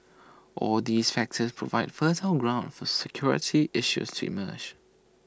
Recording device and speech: standing microphone (AKG C214), read sentence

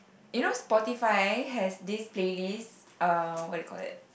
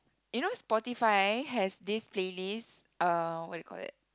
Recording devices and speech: boundary microphone, close-talking microphone, conversation in the same room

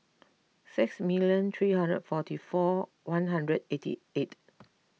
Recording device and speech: mobile phone (iPhone 6), read sentence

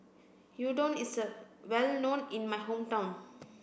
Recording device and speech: boundary microphone (BM630), read sentence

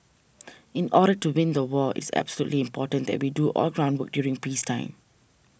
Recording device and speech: boundary microphone (BM630), read sentence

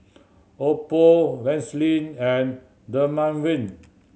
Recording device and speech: mobile phone (Samsung C7100), read sentence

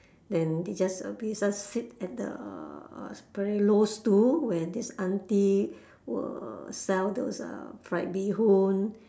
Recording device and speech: standing microphone, conversation in separate rooms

